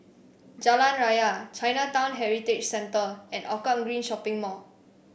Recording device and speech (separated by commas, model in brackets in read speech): boundary microphone (BM630), read sentence